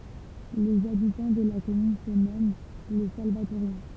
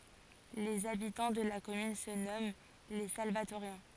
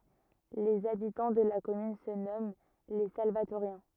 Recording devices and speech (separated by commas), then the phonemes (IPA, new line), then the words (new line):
temple vibration pickup, forehead accelerometer, rigid in-ear microphone, read sentence
lez abitɑ̃ də la kɔmyn sə nɔmɑ̃ le salvatoʁjɛ̃
Les habitants de la commune se nomment les Salvatoriens.